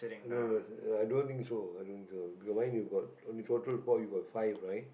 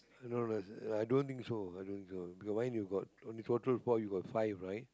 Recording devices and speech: boundary microphone, close-talking microphone, conversation in the same room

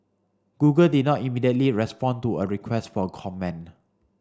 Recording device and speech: standing microphone (AKG C214), read sentence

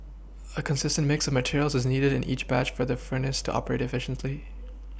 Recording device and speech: boundary microphone (BM630), read sentence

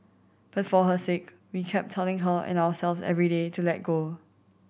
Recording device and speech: boundary microphone (BM630), read sentence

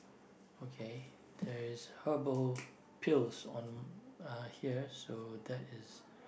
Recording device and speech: boundary microphone, conversation in the same room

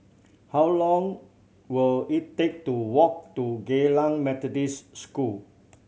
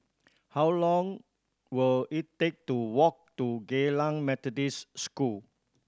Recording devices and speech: mobile phone (Samsung C7100), standing microphone (AKG C214), read sentence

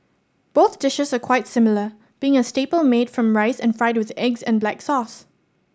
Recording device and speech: standing microphone (AKG C214), read sentence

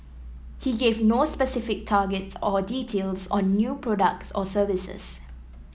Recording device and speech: mobile phone (iPhone 7), read sentence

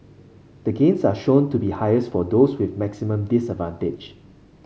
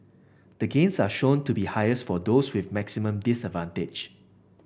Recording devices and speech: mobile phone (Samsung C5), boundary microphone (BM630), read sentence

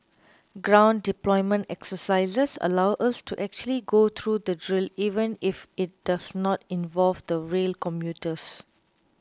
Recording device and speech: close-talking microphone (WH20), read sentence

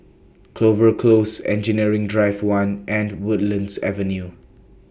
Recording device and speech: boundary microphone (BM630), read sentence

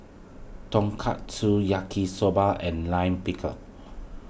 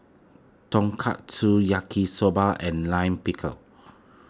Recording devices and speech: boundary microphone (BM630), close-talking microphone (WH20), read sentence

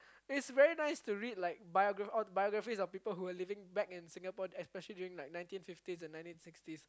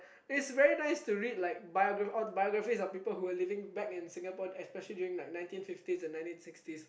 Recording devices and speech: close-talking microphone, boundary microphone, conversation in the same room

